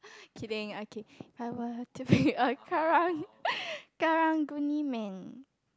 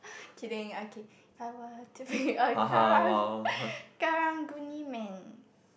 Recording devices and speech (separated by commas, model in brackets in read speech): close-talking microphone, boundary microphone, conversation in the same room